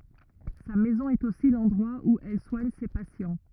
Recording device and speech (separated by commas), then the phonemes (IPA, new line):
rigid in-ear microphone, read sentence
sa mɛzɔ̃ ɛt osi lɑ̃dʁwa u ɛl swaɲ se pasjɑ̃